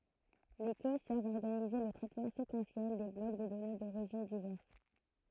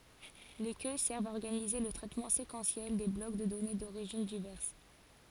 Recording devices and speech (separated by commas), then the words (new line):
throat microphone, forehead accelerometer, read sentence
Les queues servent à organiser le traitement séquentiel des blocs de données d'origines diverses.